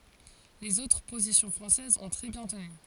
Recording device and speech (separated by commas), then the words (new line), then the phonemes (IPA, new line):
forehead accelerometer, read sentence
Les autres positions françaises ont très bien tenu.
lez otʁ pozisjɔ̃ fʁɑ̃sɛzz ɔ̃ tʁɛ bjɛ̃ təny